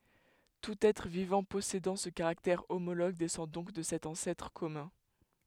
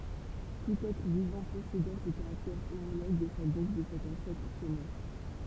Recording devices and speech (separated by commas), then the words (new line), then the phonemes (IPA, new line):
headset microphone, temple vibration pickup, read sentence
Tout être vivant possédant ce caractère homologue descend donc de cet ancêtre commun.
tut ɛtʁ vivɑ̃ pɔsedɑ̃ sə kaʁaktɛʁ omoloɡ dɛsɑ̃ dɔ̃k də sɛt ɑ̃sɛtʁ kɔmœ̃